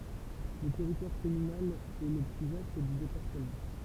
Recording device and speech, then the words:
temple vibration pickup, read sentence
Le territoire communal est le plus vaste du département.

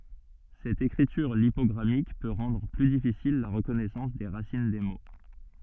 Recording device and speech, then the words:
soft in-ear microphone, read sentence
Cette écriture lipogrammique peut rendre plus difficile la reconnaissance des racines des mots.

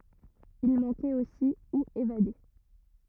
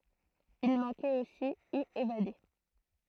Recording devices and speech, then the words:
rigid in-ear microphone, throat microphone, read sentence
Il manquait aussi ou évadés.

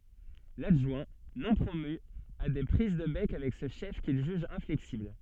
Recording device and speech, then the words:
soft in-ear microphone, read sentence
L'adjoint, non promu, a des prises de bec avec ce chef qu'il juge inflexible.

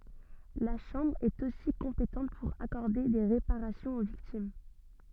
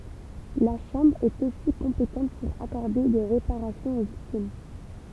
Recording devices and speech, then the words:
soft in-ear microphone, temple vibration pickup, read sentence
La Chambre est, aussi, compétente pour accorder des réparations aux victimes.

